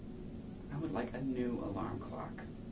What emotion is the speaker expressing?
neutral